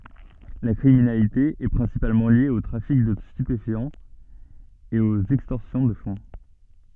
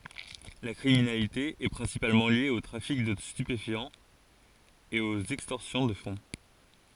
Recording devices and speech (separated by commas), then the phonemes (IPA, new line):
soft in-ear microphone, forehead accelerometer, read sentence
la kʁiminalite ɛ pʁɛ̃sipalmɑ̃ lje o tʁafik də stypefjɑ̃z e oz ɛkstɔʁsjɔ̃ də fɔ̃